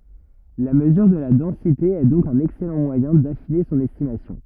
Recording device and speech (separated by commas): rigid in-ear microphone, read sentence